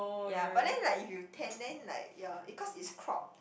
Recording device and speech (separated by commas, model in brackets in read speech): boundary microphone, conversation in the same room